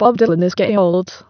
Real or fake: fake